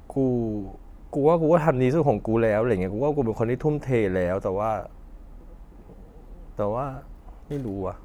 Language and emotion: Thai, sad